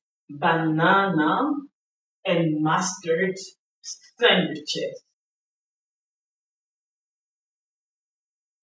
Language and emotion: English, disgusted